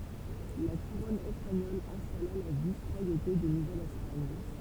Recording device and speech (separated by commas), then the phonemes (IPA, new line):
temple vibration pickup, read sentence
la kuʁɔn ɛspaɲɔl ɛ̃stala la vis ʁwajote də nuvɛl ɛspaɲ